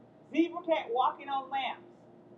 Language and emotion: English, angry